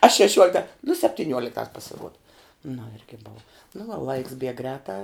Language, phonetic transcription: Lithuanian, a šeˈšiuolikta nu septiˈniuoliktās psiˈruoda nu ˈirgi bov nu va laiks bieg ˈgrētā

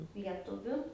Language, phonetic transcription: Lithuanian, lieˈtuviu

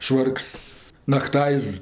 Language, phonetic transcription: Lithuanian, ˈšvarks nakˈtaiz

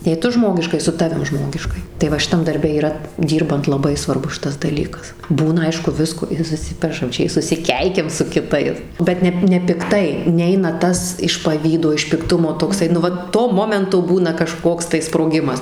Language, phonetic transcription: Lithuanian, jei ˈtu ˈžmogiškai su ˈtavim ˈžmogiškai tai ˈva šiˈtam darˈbe yˈra ˈdyrbant laˈbai svarˈbus ˈšitas daˈlykas ˈbūna ˈaišku ˈvisko ir suˈsipešam ˈčia i susiˈkeikiam su kiˈtais bet ˈne nepikˈtai ˈneina ˈtas iš paˈvydo iš pikˈtumo tokˈsai nu ˈva to ˈmomento ˈbūna kaˈžkoks tai sproˈgimas

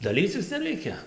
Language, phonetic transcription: Lithuanian, daˈlycis neˈreikia

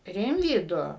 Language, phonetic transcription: Lithuanian, ˈrimvydu

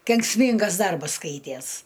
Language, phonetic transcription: Lithuanian, kenksˈmyngas ˈdarbas ˈskaities

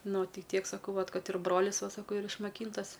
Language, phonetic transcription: Lithuanian, ˈnu ˈti ˈtiek saˈkau vat ˈkad ir ˈbrolis ˈva ˈsako yr išmaˈkyntas

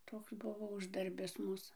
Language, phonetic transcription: Lithuanian, ˈtoks ˈbuvo ˈuždarbis ˈmūs

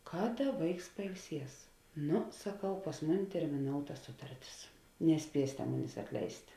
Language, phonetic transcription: Lithuanian, ˈkaˌda ˈvaiks pailˈsies ˈnu saˈkau pas ˈmuˌni termiˈnouta ˈsutarˌtis neˈspiesėte ˈmunės atˈleist'

